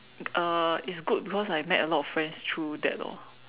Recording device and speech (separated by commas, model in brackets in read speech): telephone, conversation in separate rooms